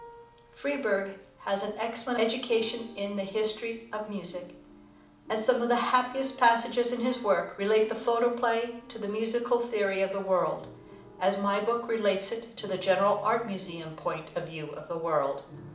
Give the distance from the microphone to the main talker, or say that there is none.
2.0 m.